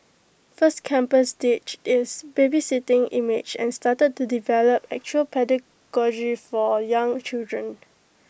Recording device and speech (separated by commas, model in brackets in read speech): boundary microphone (BM630), read sentence